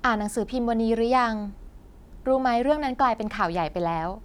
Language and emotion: Thai, neutral